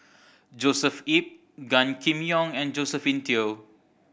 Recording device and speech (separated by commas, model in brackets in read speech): boundary microphone (BM630), read sentence